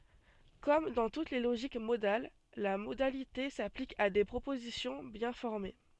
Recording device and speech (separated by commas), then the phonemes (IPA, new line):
soft in-ear microphone, read sentence
kɔm dɑ̃ tut le loʒik modal la modalite saplik a de pʁopozisjɔ̃ bjɛ̃ fɔʁme